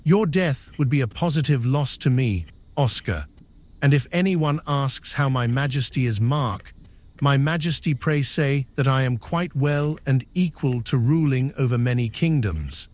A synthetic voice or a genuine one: synthetic